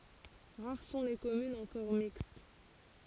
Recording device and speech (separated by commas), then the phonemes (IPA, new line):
forehead accelerometer, read sentence
ʁaʁ sɔ̃ le kɔmynz ɑ̃kɔʁ mikst